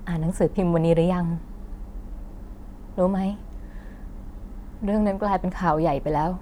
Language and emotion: Thai, sad